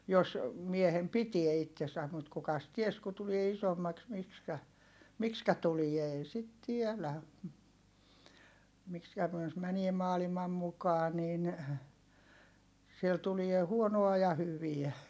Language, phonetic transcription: Finnish, jos , miehem pitie ittesäm mut kukas ties ku tulie isommaks mikskä , mikskä tulie ei sit tielä , mikskä (--) jos mänie maalimam mukaa niin , siel tulie huonoa ja hyviä .
- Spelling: jos miehen pitää itsensä mutta kukas tiesi kun tulee isommaksi miksi miksi tulee ei sitä tiedä miksi - jos menee maailman mukaan niin siellä tulee huonoa ja hyviä

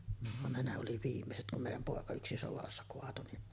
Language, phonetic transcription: Finnish, van ne ne oli "viimmeset kum 'mèij̆jäm 'pòeka yksi 'sovassa koatu ,.
- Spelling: vaan ne ne oli viimeiset kun meidän poika yksi sodassa kaatui

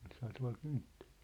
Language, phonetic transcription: Finnish, olishaa tua̭l 'kynttᴇʟɪɪ .
- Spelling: olisihan tuolla kynttilöitä

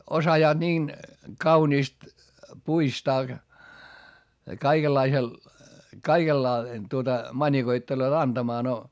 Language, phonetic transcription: Finnish, osajaaD niin , kauniist , puistaa kaikellaisel , kaikella- , tuota , mańikoitteloot anDamaa no .
- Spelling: osaavat niin kauniisti puistaa kaikenlaisella - tuota manikoittelevat antamaan no

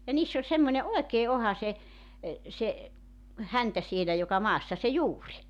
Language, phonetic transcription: Finnish, ja 'niiss ‿oĺ semmońe "oekee 'oha se , se , "häntä sielä joka 'maassa se "juuri .
- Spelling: ja niissä oli semmoinen oikein ohut se se häntä siellä joka maassa se juuri

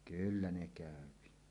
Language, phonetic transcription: Finnish, 'kyllä ne kä̀öpi .
- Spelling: kyllä ne käy

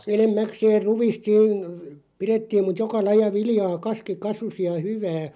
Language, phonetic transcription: Finnish, 'enem'mäkseeʳ "ruvist (siin) , 'pirettiim mut "joka 'laj̆ja 'vilⁱjaa 'kaski "kasusi ja "hyvää .
- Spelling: enimmäkseen ruista siinä pidettiin mutta joka lajia viljaa kaski kasvoi ja hyvää

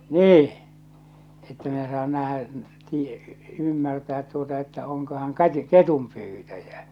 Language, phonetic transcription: Finnish, 'nii , että 'minä saan 'nähä’ , n- , tie- , 'ymmärtäät tuota että oŋko ha̳ŋ "kati- , "ketumpyytäjä .
- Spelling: niin että minä saan nähdä - - ymmärtää tuota että onko hän - ketunpyytäjä

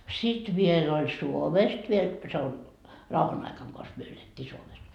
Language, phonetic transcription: Finnish, 'sit viel ‿oĺ "Suomest viel se on , 'rauhan ‿aikaŋ kos myö elettii 'Suomes .
- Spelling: sitten vielä oli Suomesta vielä se on rauhan aikana koska me elettiin Suomessa

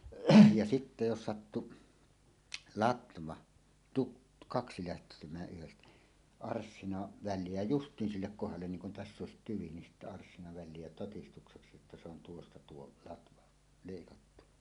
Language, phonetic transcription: Finnish, ja "sitte 'jos 'sattu , "latva , 'tuk- , 'kaksi lähtemää ’yhestä , 'arssina väl̀ie jä "justiin sillek kohallen 'niiŋ kun "täss ‿òesit 'tyvi nin sittä 'arssina 'väl̆lie jä totistukseksi että se ‿on 'tuosta 'tuo "latva , 'leikattuɴᴀ .
- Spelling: ja sitten jos sattui latva - kaksi lähtemään yhdestä arssinan väliin jää justiin sille kohdalle niin kuin tässä olisi tyvi niin sitten arssina väliin jää todistukseksi että se on tuosta tuo latva leikattu

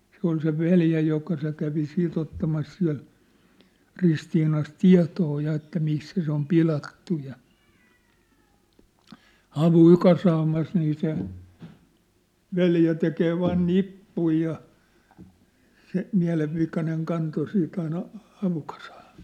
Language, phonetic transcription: Finnish, se ‿ol se "veljä joka se kävi 'siit ‿ottamas siä̭l , 'Ristiinas "tia̭too ja että 'missä se ‿om "pilattu ja , "havùⁱ 'kasaamas nii se , "veljä tekee 'vaan "nippui ja , se , 'miä̭levvikaneŋ 'kanto 'sii't ‿aina , 'havukasᴀᴀ (ɴᴇ) .
- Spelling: se oli se veli joka se kävi siitä ottamassa siellä Ristiinassa tietoa ja että missä se on pilattu ja havuja kasaamassa niin se veli tekee vain nippuja ja se mielenvikainen kantoi sitten aina havukasaan ne

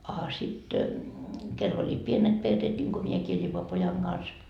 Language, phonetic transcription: Finnish, a sit,'kell ‿oĺi "pienet 'perreet ńiŋko 'miekii ĺipo 'pojaŋ Gans ,.
- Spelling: a sitten kenellä oli pienet perheet niin kuin minäkin lipo pojan kanssa

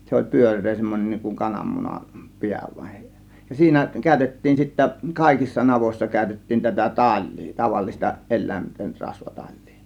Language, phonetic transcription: Finnish, 'se oĺ "pyör̆ree semmon͕en n̆iŋ kuŋ 'kanammunam , "piä vain , ja siinä 'kä̀ö̇tettiin sittä , "kàėkissa 'navoĭssa 'kä̀ö̇tettiin tätä "taĺ̆lII , 'tavallista 'el̆lä̀inten 'rasva "taĺ̆lII .
- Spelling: se oli pyöreä semmoinen niin kuin kananmunan pää vain ja siinä käytettiin sitten kaikissa navoissa käytettiin tätä talia tavallista eläinten rasva talia

